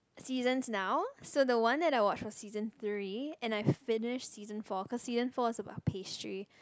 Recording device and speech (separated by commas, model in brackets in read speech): close-talking microphone, conversation in the same room